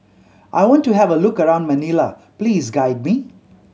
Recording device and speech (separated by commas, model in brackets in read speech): mobile phone (Samsung C7100), read sentence